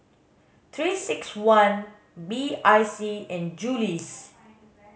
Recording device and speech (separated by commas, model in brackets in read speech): mobile phone (Samsung S8), read sentence